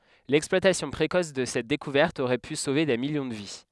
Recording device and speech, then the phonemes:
headset microphone, read sentence
lɛksplwatasjɔ̃ pʁekɔs də sɛt dekuvɛʁt oʁɛ py sove de miljɔ̃ də vi

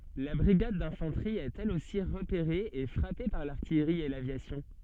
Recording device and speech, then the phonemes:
soft in-ear microphone, read sentence
la bʁiɡad dɛ̃fɑ̃tʁi ɛt ɛl osi ʁəpeʁe e fʁape paʁ laʁtijʁi e lavjasjɔ̃

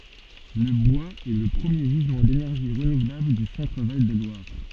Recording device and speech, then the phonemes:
soft in-ear microphone, read sentence
lə bwaz ɛ lə pʁəmje ʒizmɑ̃ denɛʁʒi ʁənuvlabl dy sɑ̃tʁ val də lwaʁ

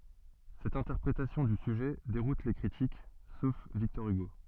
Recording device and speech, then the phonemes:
soft in-ear microphone, read sentence
sɛt ɛ̃tɛʁpʁetasjɔ̃ dy syʒɛ deʁut le kʁitik sof viktɔʁ yɡo

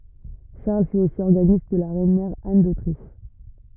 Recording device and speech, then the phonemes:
rigid in-ear microphone, read sentence
ʃaʁl fy osi ɔʁɡanist də la ʁɛnmɛʁ an dotʁiʃ

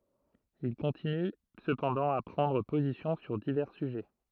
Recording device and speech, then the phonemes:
throat microphone, read sentence
il kɔ̃tiny səpɑ̃dɑ̃ a pʁɑ̃dʁ pozisjɔ̃ syʁ divɛʁ syʒɛ

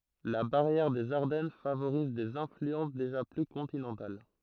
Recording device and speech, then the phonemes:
throat microphone, read sentence
la baʁjɛʁ dez aʁdɛn favoʁiz dez ɛ̃flyɑ̃s deʒa ply kɔ̃tinɑ̃tal

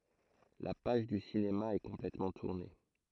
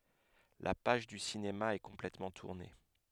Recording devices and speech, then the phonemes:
throat microphone, headset microphone, read sentence
la paʒ dy sinema ɛ kɔ̃plɛtmɑ̃ tuʁne

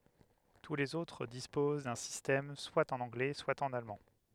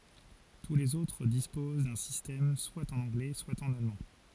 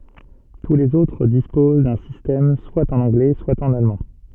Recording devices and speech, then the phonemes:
headset microphone, forehead accelerometer, soft in-ear microphone, read sentence
tu lez otʁ dispoz dœ̃ sistɛm swa ɑ̃n ɑ̃ɡlɛ swa ɑ̃n almɑ̃

